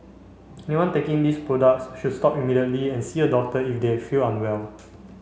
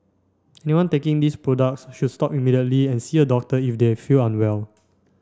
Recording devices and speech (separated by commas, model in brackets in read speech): mobile phone (Samsung C5), standing microphone (AKG C214), read sentence